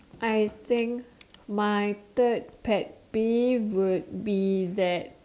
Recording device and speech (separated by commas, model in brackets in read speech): standing microphone, conversation in separate rooms